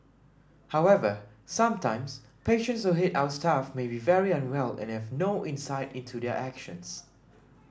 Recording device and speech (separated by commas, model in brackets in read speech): standing microphone (AKG C214), read sentence